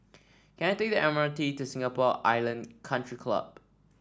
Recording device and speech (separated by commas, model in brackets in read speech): standing microphone (AKG C214), read sentence